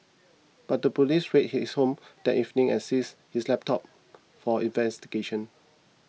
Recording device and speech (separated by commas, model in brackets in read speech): mobile phone (iPhone 6), read sentence